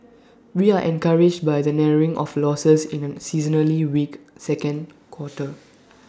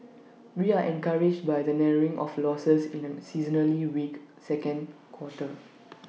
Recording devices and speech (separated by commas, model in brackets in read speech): standing microphone (AKG C214), mobile phone (iPhone 6), read sentence